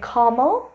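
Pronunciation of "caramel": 'Caramel' is pronounced incorrectly here.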